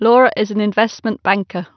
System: none